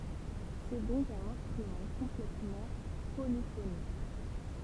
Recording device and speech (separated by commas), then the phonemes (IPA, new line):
temple vibration pickup, read sentence
sɛ dɔ̃k œ̃n ɛ̃stʁymɑ̃ kɔ̃plɛtmɑ̃ polifonik